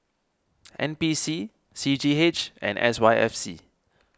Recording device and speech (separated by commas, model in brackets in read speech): standing microphone (AKG C214), read sentence